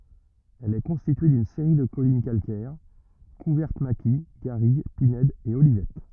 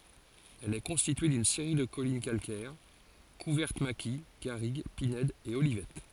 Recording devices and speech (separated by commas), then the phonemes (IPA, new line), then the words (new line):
rigid in-ear microphone, forehead accelerometer, read sentence
ɛl ɛ kɔ̃stitye dyn seʁi də kɔlin kalkɛʁ kuvɛʁt maki ɡaʁiɡ pinɛdz e olivɛt
Elle est constituée d'une série de collines calcaires, couvertes maquis, garrigue, pinèdes et olivettes.